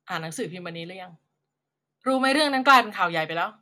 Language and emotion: Thai, frustrated